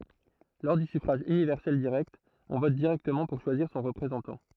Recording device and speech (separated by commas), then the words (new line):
throat microphone, read sentence
Lors du suffrage universel direct, on vote directement pour choisir son représentant.